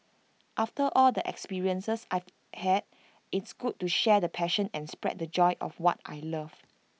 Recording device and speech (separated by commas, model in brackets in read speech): mobile phone (iPhone 6), read sentence